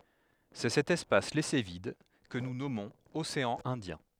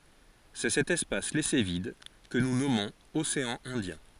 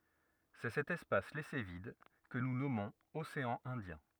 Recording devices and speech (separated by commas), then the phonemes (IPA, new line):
headset microphone, forehead accelerometer, rigid in-ear microphone, read sentence
sɛ sɛt ɛspas lɛse vid kə nu nɔmɔ̃z oseɑ̃ ɛ̃djɛ̃